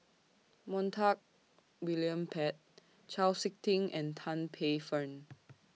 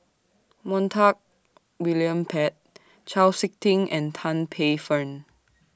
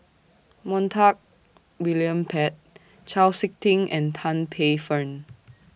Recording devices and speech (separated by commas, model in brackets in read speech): mobile phone (iPhone 6), standing microphone (AKG C214), boundary microphone (BM630), read sentence